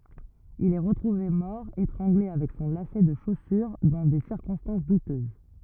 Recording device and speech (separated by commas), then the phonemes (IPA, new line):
rigid in-ear microphone, read sentence
il ɛ ʁətʁuve mɔʁ etʁɑ̃ɡle avɛk sɔ̃ lasɛ də ʃosyʁ dɑ̃ de siʁkɔ̃stɑ̃s dutøz